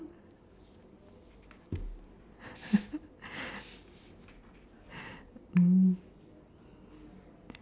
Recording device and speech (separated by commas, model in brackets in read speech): standing microphone, conversation in separate rooms